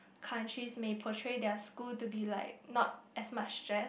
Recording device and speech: boundary microphone, conversation in the same room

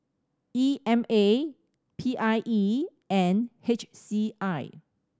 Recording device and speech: standing microphone (AKG C214), read sentence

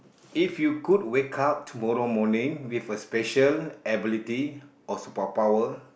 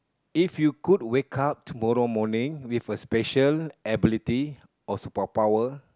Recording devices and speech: boundary microphone, close-talking microphone, conversation in the same room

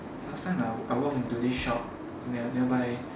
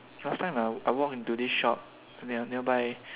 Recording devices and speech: standing microphone, telephone, conversation in separate rooms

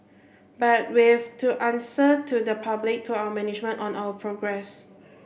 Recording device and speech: boundary microphone (BM630), read sentence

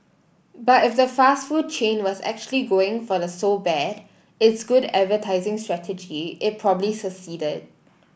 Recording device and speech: boundary microphone (BM630), read sentence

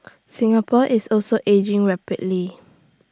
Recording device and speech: standing microphone (AKG C214), read sentence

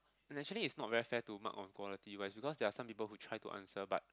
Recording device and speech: close-talking microphone, conversation in the same room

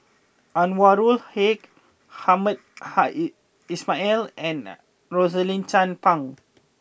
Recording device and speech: boundary microphone (BM630), read sentence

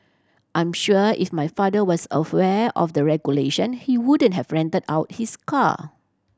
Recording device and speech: standing microphone (AKG C214), read sentence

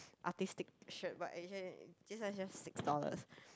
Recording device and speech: close-talking microphone, conversation in the same room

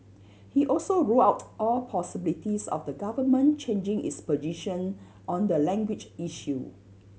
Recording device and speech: mobile phone (Samsung C7100), read sentence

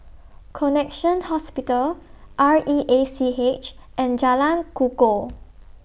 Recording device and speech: boundary microphone (BM630), read sentence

